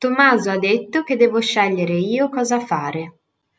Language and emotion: Italian, neutral